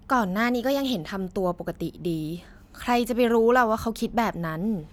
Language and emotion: Thai, frustrated